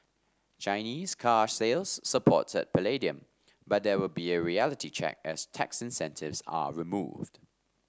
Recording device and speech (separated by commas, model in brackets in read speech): standing microphone (AKG C214), read sentence